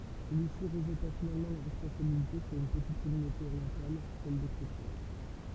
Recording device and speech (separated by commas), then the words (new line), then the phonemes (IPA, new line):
temple vibration pickup, read sentence
Celui-ci rejeta finalement la responsabilité sur une petite communauté orientale, celle des chrétiens.
səlyisi ʁəʒta finalmɑ̃ la ʁɛspɔ̃sabilite syʁ yn pətit kɔmynote oʁjɑ̃tal sɛl de kʁetjɛ̃